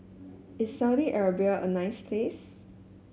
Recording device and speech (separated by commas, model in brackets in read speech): mobile phone (Samsung S8), read sentence